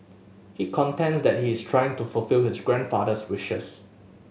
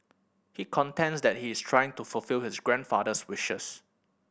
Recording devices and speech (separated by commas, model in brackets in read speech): mobile phone (Samsung S8), boundary microphone (BM630), read sentence